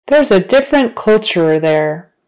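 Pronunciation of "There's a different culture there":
The sentence is said slowly, not at natural speed.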